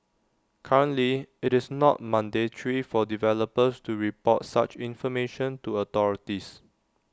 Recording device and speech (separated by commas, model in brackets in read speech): standing microphone (AKG C214), read sentence